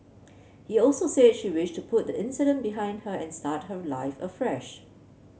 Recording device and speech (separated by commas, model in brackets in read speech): mobile phone (Samsung C7), read sentence